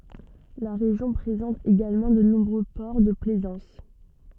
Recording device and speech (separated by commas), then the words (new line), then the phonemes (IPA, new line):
soft in-ear microphone, read sentence
La région présente également de nombreux ports de plaisance.
la ʁeʒjɔ̃ pʁezɑ̃t eɡalmɑ̃ də nɔ̃bʁø pɔʁ də plɛzɑ̃s